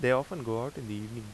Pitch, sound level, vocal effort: 120 Hz, 83 dB SPL, normal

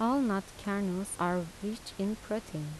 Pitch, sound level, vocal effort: 200 Hz, 81 dB SPL, soft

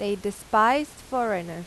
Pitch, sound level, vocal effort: 205 Hz, 90 dB SPL, loud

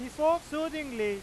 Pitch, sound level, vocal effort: 300 Hz, 100 dB SPL, very loud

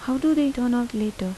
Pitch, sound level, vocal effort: 245 Hz, 82 dB SPL, soft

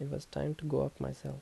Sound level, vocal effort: 75 dB SPL, soft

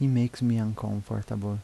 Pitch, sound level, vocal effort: 110 Hz, 79 dB SPL, soft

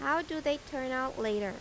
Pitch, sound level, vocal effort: 265 Hz, 89 dB SPL, normal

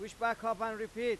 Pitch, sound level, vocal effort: 225 Hz, 100 dB SPL, very loud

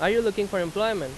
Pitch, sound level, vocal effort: 205 Hz, 92 dB SPL, very loud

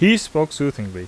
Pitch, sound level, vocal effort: 155 Hz, 87 dB SPL, very loud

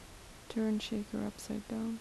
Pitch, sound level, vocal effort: 220 Hz, 72 dB SPL, soft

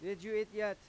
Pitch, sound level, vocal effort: 210 Hz, 97 dB SPL, loud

